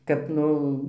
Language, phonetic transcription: Lithuanian, kad ˈnu

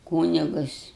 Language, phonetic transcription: Lithuanian, ˈkūnigus

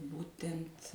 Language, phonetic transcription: Lithuanian, ˈbūten't'

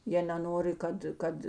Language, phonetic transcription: Lithuanian, ˈjie neˈnori ˈkad ˈkad

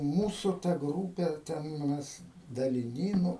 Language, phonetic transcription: Lithuanian, ˈmūsu ta ˈgrūpe ˈten ˈmes daliˈny ˈnu

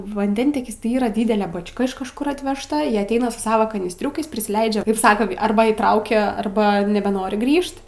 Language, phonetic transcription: Lithuanian, vanˈdentiekis tai ˈyra ˈdydele bač'ˈka iš kažˈkur atvežˈta y atˈeina su ˈsavo kanysˈtriukais prisiˈleidžia ˈsaka ˈarba įˈtraukia ˈarba nebeˈnori ˈgrįžt

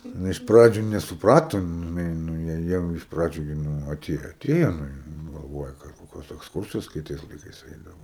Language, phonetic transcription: Lithuanian, nu iš ˈpradžiu nesuˈpratu ˈjin žiˈnai ˈnu ja ˈjau iš ˈpradžiu ji ˈnu aˈtėju aˈtėjo nu ˈji galˈvoja kad ˈkokios eksˈkursijos kai ˈtais laiˈkais ˈeidavo

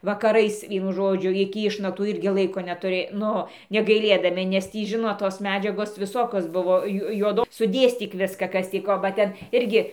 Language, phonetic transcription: Lithuanian, vakaˈrais ˈvienu ˈžodžiu iki ˈišnaktų ˈirgi ˈlaiko netuˈrė ˈnu negaiˈlėdami nes ˈtį ˈžinot tos ˈmedžiagos viˈsokios ˈbuvo ˈju juoˈdo suˈdėstyk ˈviska ˈkas tį ˈko ba ˈten ˈirgi

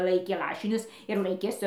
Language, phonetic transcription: Lithuanian, ˈlaikė ˈlašinius ir ˈlaikė ˈsu

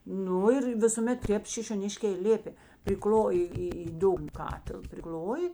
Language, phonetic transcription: Lithuanian, ˈnu ir visuˈmet ˈtėp šišioˈniškė i ˈlėpė priˈkloji ˈį į ˈdugna ˈkatil priˈkl'oji

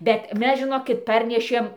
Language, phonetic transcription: Lithuanian, bet ˈmes žiˈnokit ˈparnešėm

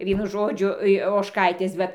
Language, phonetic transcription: Lithuanian, ˈvienu ˈžodžiu i ožˈkaitės ˈvat

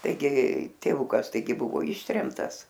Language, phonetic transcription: Lithuanian, taiˈgi tėˈvukas taiˈgi ˈbuvo ˈištremtas

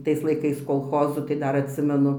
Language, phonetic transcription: Lithuanian, ˈtais laiˈkais kolˈchozų tai ˈdar atˈsimenu

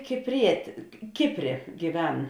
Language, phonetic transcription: Lithuanian, kipˈrietė ˈkipˌrė gyˈven

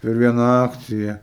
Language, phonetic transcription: Lithuanian, per ˈviena ˈakcija

